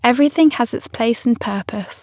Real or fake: real